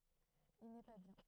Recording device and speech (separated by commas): throat microphone, read sentence